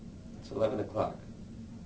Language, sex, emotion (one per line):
English
male
neutral